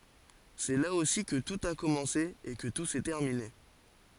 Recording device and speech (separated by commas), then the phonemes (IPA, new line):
forehead accelerometer, read sentence
sɛ la osi kə tut a kɔmɑ̃se e kə tu sɛ tɛʁmine